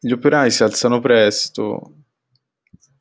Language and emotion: Italian, sad